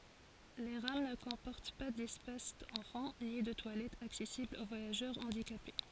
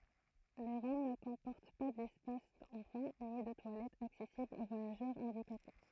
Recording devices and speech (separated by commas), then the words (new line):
forehead accelerometer, throat microphone, read sentence
Les rames ne comportent pas d'espace enfants, ni de toilettes accessibles aux voyageurs handicapés.